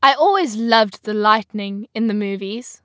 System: none